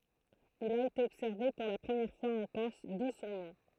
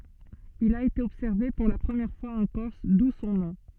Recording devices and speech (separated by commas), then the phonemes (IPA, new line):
throat microphone, soft in-ear microphone, read sentence
il a ete ɔbsɛʁve puʁ la pʁəmjɛʁ fwaz ɑ̃ kɔʁs du sɔ̃ nɔ̃